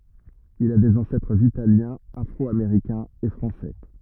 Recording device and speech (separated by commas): rigid in-ear microphone, read sentence